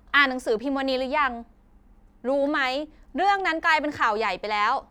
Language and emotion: Thai, frustrated